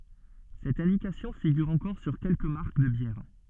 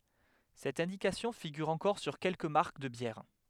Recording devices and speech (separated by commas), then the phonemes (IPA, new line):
soft in-ear microphone, headset microphone, read sentence
sɛt ɛ̃dikasjɔ̃ fiɡyʁ ɑ̃kɔʁ syʁ kɛlkə maʁk də bjɛʁ